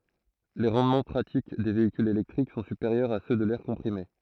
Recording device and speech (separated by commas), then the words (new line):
throat microphone, read sentence
Les rendements pratiques des véhicules électriques sont supérieurs à ceux de l'air comprimé.